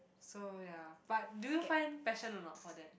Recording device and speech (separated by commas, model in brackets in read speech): boundary microphone, conversation in the same room